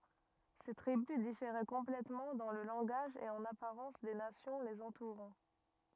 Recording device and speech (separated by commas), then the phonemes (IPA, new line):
rigid in-ear microphone, read sentence
se tʁibys difeʁɛ kɔ̃plɛtmɑ̃ dɑ̃ lə lɑ̃ɡaʒ e ɑ̃n apaʁɑ̃s de nasjɔ̃ lez ɑ̃tuʁɑ̃